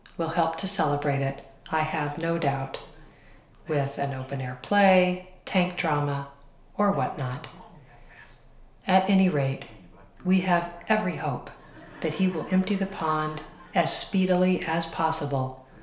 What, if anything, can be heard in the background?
A television.